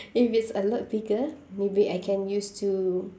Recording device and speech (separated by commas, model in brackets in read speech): standing microphone, conversation in separate rooms